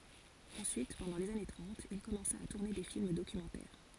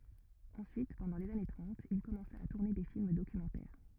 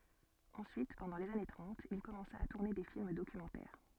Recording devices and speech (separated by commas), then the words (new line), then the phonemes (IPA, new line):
forehead accelerometer, rigid in-ear microphone, soft in-ear microphone, read sentence
Ensuite, pendant les années trente, il commença à tourner des films documentaires.
ɑ̃syit pɑ̃dɑ̃ lez ane tʁɑ̃t il kɔmɑ̃sa a tuʁne de film dokymɑ̃tɛʁ